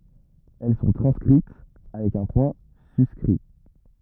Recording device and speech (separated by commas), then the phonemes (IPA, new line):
rigid in-ear microphone, read sentence
ɛl sɔ̃ tʁɑ̃skʁit avɛk œ̃ pwɛ̃ syskʁi